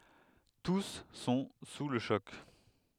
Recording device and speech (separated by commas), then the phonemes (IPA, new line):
headset microphone, read sentence
tus sɔ̃ su lə ʃɔk